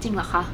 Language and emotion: Thai, neutral